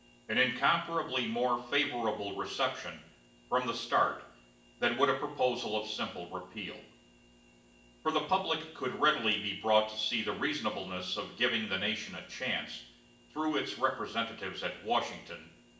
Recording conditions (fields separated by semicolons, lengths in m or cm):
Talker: one person; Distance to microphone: 1.8 m; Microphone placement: close; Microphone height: 1.0 m; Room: large; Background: none